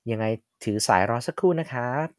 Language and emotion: Thai, neutral